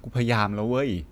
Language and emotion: Thai, neutral